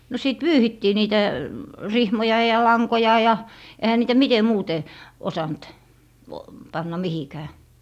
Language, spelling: Finnish, no siitä pyyhittiin niitä rihmoja ja lankoja ja eihän niitä miten muuten osannut panna mihinkään
- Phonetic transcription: no sìt "pyyhittii 'niitä , "rihmoja ja "laŋkoja ja , 'ehä niitä "mite 'muute , 'osant , 'panna "mihikää .

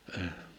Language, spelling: Finnish, -
- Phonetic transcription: əh .

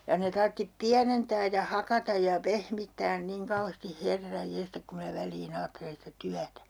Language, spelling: Finnish, ja ne tarvitsi pienentää ja hakata ja pehmittää niin kauheasti herran jestas kun minä väliin ajattelen sitä työtä
- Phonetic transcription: ja ne 'tarttip "piänentää ja 'hakataj ja "pehmittään niŋ 'kauheesti "herraj "jestak kum mⁱnä 'väl̀ii'n ‿aattelen sⁱtä 'tyätä .

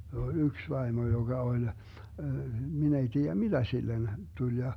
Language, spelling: Finnish, se on yksi vaimo joka oli minä ei tiedä mitä sille tuli ja
- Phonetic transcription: he ‿o "yks 'vaimo joGa 'oĺ , 'min ‿ei 'tii₍ä "miDä 'sillen , 'tuĺ ja .

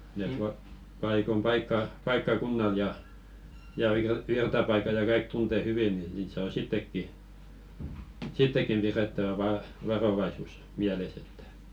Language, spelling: Finnish, ne - paikoin - paikkakunnalla ja ja - virtapaikat ja kaikki tuntee hyvin niin niitä saa sittenkin sittenkin pidettävä - varovaisuus mielessä että
- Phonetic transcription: ne tuat- paikom 'paikka- , 'paikka'kunnal ja , ja vir- 'virtapaika ja "kaik 'tunte 'hyvi ni niit saa 'sittekki , "sittekkim pirettävä va- 'varovaisus 'miäles ‿ettᴀ̈ .

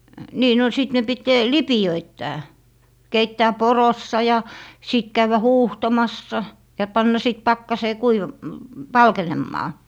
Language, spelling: Finnish, niin no sitten ne piti lipeöittää keittää porossa ja sitten käydä huuhtomassa ja panna sitten pakkaseen - valkenemaan
- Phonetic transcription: 'nii no , 'sit ne 'pit , "lipi₍öittää , 'keittää "porossa ja , 'sit 'käyvä "huuhtomassa , ja 'panna 'sit 'pakkasee 'kuivam- , "valkenemmaa .

